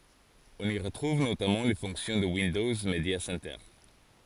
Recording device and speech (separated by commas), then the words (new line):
forehead accelerometer, read sentence
On y retrouve notamment les fonctions de Windows Media Center.